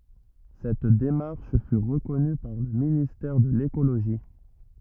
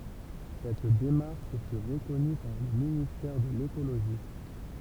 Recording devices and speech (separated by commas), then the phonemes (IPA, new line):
rigid in-ear microphone, temple vibration pickup, read sentence
sɛt demaʁʃ fy ʁəkɔny paʁ lə ministɛʁ də lekoloʒi